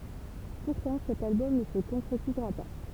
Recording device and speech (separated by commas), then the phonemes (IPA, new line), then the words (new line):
temple vibration pickup, read sentence
puʁtɑ̃ sɛt albɔm nə sə kɔ̃kʁetizʁa pa
Pourtant, cet album ne se concrétisera pas.